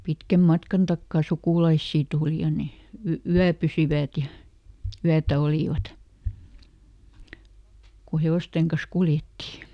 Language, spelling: Finnish, pitkän matkan takaa sukulaisia tuli ja ne - yöpyivät ja yötä olivat kun hevosten kanssa kuljettiin
- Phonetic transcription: ˈpitkäm ˈmatkan ˈtakkà "sukùlaissii ˈtuuli ja ne , ˈy- "yäpysivä̀t ja , ˈyätä ˈolìvat , ku ˈhe₍òsteŋ kas "kuljetti .

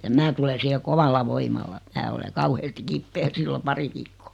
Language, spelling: Finnish, ja minä tulen siihen kovalla voimalla minä olen kauheasti kipeä silloin pari viikkoa
- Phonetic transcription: ja 'mää tule 'siihe "kovalla "voimalla , 'mää ole 'kauheesti 'kippee 'sillo "pari viikkᴏᴏ .

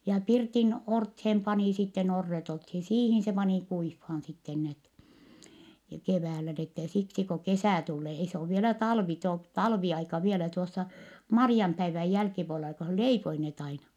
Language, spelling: Finnish, ja pirtin orteen pani sitten orret oltiin siihen se pani kuivamaan sitten ne keväällä niin että siksi kun kesä tulee ei se ole vielä talvi - talviaika vielä tuossa Marianpäivän jälkipuolella kun hän leipoi ne aina
- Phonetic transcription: ja pirtin orthem panì sitten - orret olthin , siihin se panì kuiffaan sitten net , keväälä n ‿ette siksi ko kesä̀ tullee - ei se ov vielä talvi to- , talviaika vielä tuossa , Mari₍ampäiväj jälkipuolela ko hä leipoi net ‿aina .

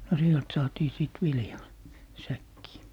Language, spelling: Finnish, no sieltä saatiin sitten viljaa säkkiin
- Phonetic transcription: no 'sielt 'saatii sìt "viljaa , "säkkii .

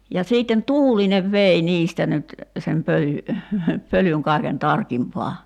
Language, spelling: Finnish, ja sitten tuulinen vei niistä nyt sen pölyn pölyn kaiken tarkimpaan
- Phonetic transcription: ja siitten "tuulinev 'vei 'niistä nyt , sem 'pöly , 'pölyŋ 'kài̬ken "tarkimpaa .

